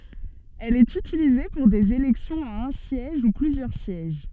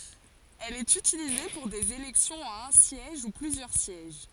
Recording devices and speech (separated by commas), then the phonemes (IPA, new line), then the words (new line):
soft in-ear microphone, forehead accelerometer, read sentence
ɛl ɛt ytilize puʁ dez elɛksjɔ̃z a œ̃ sjɛʒ u plyzjœʁ sjɛʒ
Elle est utilisée pour des élections à un siège ou plusieurs sièges.